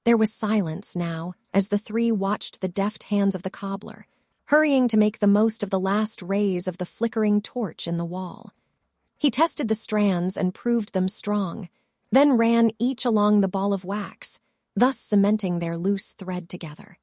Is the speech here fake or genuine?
fake